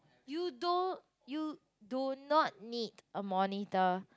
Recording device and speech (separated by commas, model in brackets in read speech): close-talking microphone, conversation in the same room